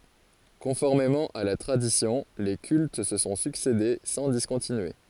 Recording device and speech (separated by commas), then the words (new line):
forehead accelerometer, read sentence
Conformément à la tradition, les cultes se sont succédé sans discontinuer.